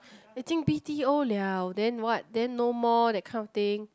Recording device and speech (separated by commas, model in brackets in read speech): close-talking microphone, conversation in the same room